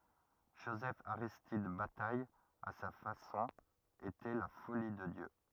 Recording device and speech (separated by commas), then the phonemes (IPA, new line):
rigid in-ear microphone, read sentence
ʒozɛfaʁistid bataj a sa fasɔ̃ etɛ la foli də djø